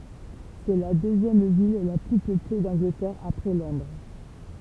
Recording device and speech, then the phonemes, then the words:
temple vibration pickup, read sentence
sɛ la døzjɛm vil la ply pøple dɑ̃ɡlətɛʁ apʁɛ lɔ̃dʁ
C'est la deuxième ville la plus peuplée d'Angleterre après Londres.

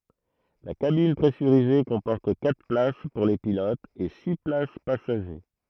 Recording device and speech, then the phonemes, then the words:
throat microphone, read sentence
la kabin pʁɛsyʁize kɔ̃pɔʁt katʁ plas puʁ le pilotz e si plas pasaʒe
La cabine pressurisée comporte quatre places pour les pilotes et six places passager.

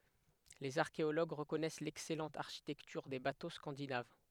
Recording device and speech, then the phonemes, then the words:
headset microphone, read sentence
lez aʁkeoloɡ ʁəkɔnɛs lɛksɛlɑ̃t aʁʃitɛktyʁ de bato skɑ̃dinav
Les archéologues reconnaissent l'excellente architecture des bateaux scandinaves.

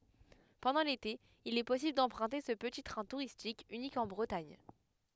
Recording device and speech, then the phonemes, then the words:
headset microphone, read sentence
pɑ̃dɑ̃ lete il ɛ pɔsibl dɑ̃pʁœ̃te sə pəti tʁɛ̃ tuʁistik ynik ɑ̃ bʁətaɲ
Pendant l'été, il est possible d'emprunter ce petit train touristique unique en Bretagne.

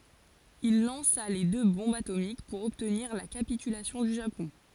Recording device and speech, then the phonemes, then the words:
forehead accelerometer, read sentence
il lɑ̃sa le dø bɔ̃bz atomik puʁ ɔbtniʁ la kapitylasjɔ̃ dy ʒapɔ̃
Il lança les deux bombes atomiques pour obtenir la capitulation du Japon.

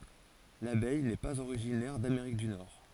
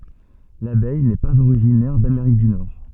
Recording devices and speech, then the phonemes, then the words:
forehead accelerometer, soft in-ear microphone, read sentence
labɛj nɛ paz oʁiʒinɛʁ dameʁik dy nɔʁ
L'abeille n'est pas originaire d'Amérique du Nord.

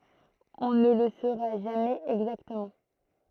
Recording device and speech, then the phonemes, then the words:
throat microphone, read sentence
ɔ̃ nə lə soʁa ʒamɛz ɛɡzaktəmɑ̃
On ne le saura jamais exactement.

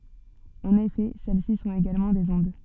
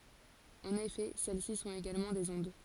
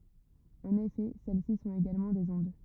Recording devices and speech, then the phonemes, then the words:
soft in-ear microphone, forehead accelerometer, rigid in-ear microphone, read sentence
ɑ̃n efɛ sɛlɛsi sɔ̃t eɡalmɑ̃ dez ɔ̃d
En effet, celles-ci sont également des ondes.

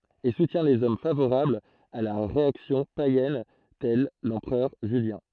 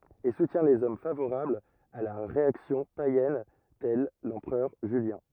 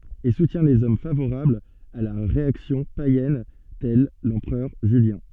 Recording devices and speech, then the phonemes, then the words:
throat microphone, rigid in-ear microphone, soft in-ear microphone, read sentence
e sutjɛ̃ lez ɔm favoʁablz a la ʁeaksjɔ̃ pajɛn tɛl lɑ̃pʁœʁ ʒyljɛ̃
Et soutient les hommes favorables à la réaction païenne tel l'empereur Julien.

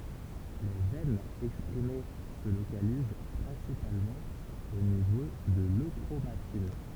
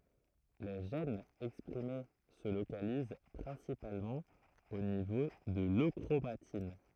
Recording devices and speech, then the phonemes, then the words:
temple vibration pickup, throat microphone, read sentence
le ʒɛnz ɛkspʁime sə lokaliz pʁɛ̃sipalmɑ̃ o nivo də løkʁomatin
Les gènes exprimés se localisent principalement au niveau de l'euchromatine.

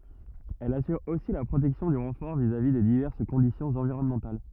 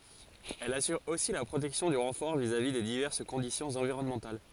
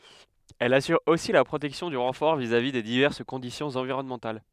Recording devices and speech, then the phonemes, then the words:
rigid in-ear microphone, forehead accelerometer, headset microphone, read sentence
ɛl asyʁ osi la pʁotɛksjɔ̃ dy ʁɑ̃fɔʁ vizavi de divɛʁs kɔ̃disjɔ̃z ɑ̃viʁɔnmɑ̃tal
Elle assure aussi la protection du renfort vis-à-vis des diverses conditions environnementales.

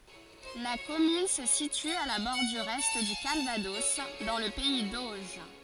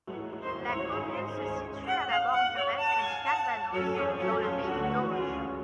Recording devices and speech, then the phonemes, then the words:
forehead accelerometer, rigid in-ear microphone, read sentence
la kɔmyn sə sity a la bɔʁdyʁ ɛ dy kalvadɔs dɑ̃ lə pɛi doʒ
La commune se situe à la bordure est du Calvados, dans le pays d'Auge.

